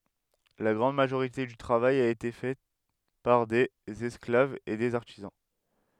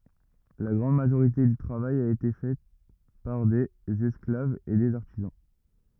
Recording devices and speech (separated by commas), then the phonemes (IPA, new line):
headset microphone, rigid in-ear microphone, read sentence
la ɡʁɑ̃d maʒoʁite dy tʁavaj a ete fɛ paʁ dez ɛsklavz e dez aʁtizɑ̃